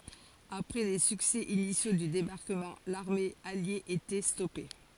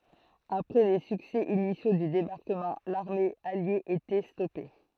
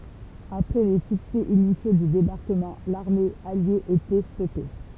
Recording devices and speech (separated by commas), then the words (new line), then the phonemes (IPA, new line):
forehead accelerometer, throat microphone, temple vibration pickup, read sentence
Après les succès initiaux du débarquement, l'armée alliée était stoppée.
apʁɛ le syksɛ inisjo dy debaʁkəmɑ̃ laʁme alje etɛ stɔpe